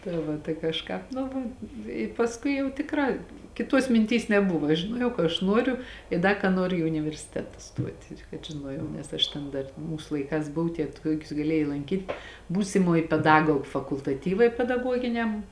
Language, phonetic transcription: Lithuanian, tai ˈva tai kažˈkāp ˈnu va i pasˈkui jau tikˈrā kiˈtuos minˈtys neˈbuva žiˈnuojau ka aš ˈnuoriu i ˈda ka ˈnuoriu i universiˈteta ˈstuot' ir kad žiˈnuojau nes ˈaš ten ˈdar ˈmūs laiˈkās ˈbuv tie ˈtuokius gaˈlėjai lanˈkyt' ˈbūsimoj peˈdagog fakultaˈtyvai pedaˈguoginiam

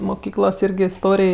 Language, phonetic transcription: Lithuanian, muˈkyklos yrˈgi isˈtorėj

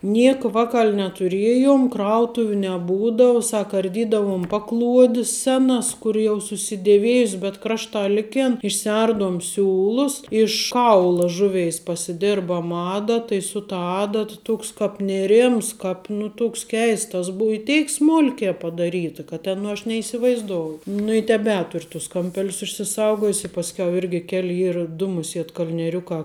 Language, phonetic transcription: Lithuanian, ˈnieka ˈvakal' netuˈriejum ˈkrautuviu neˈbūdau ˈsak arˈdydavum ˈpaˌkluodis ˈsenas ˈkur jau susideˈviejus bet ˈkrašta ˈlikėn išsiˈardum ˈsiūlus iš ˈkaula ˈžuˌveis pasiˈdirbam ˈadata i su ta ˈadat ˈtuoks ˈkāp nėˈrims ˈkāp nu ˈtuoks ˈkeistas ˈbuu i ˈteik ˈsmulkē padaˈryta kad ˈten nu aš neisivaizˈdouju ˈnu i teˈbetur' tus kamˈpelius išsiˈsaugojus i pasˈkiau ˈirgi ˈkeli ˈyr ˈdu muˈsiet kal'nieˈriukā

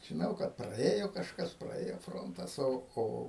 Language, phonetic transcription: Lithuanian, žiˈnau kad praˈėjo kažˈkas praˈėjo ˈfrontas ˈo ˈo

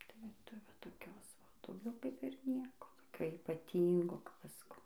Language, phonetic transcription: Lithuanian, tai ˈva ˈtai va toˈkios ˈva dauˈgiau ˈkaip ir ˈnieko toˈkio ypaˈtyngo kap ˈaš saˈkau

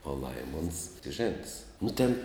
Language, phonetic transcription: Lithuanian, o ˈlaimons žėnts nu tėn

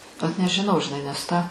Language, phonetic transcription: Lithuanian, ot nežiˈnau žiˈnai nes ˈtą

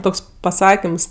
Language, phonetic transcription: Lithuanian, ˈtoks paˈsakims

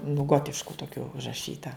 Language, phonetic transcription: Lithuanian, nu ˈgotišku toˈkiu užraˈšyta

